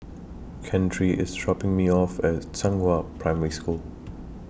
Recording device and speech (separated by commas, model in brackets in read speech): boundary microphone (BM630), read sentence